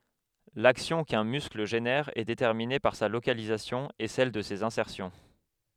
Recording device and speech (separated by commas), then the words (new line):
headset microphone, read sentence
L'action qu'un muscle génère est déterminée par sa localisation et celle de ses insertions.